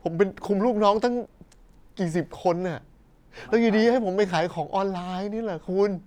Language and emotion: Thai, sad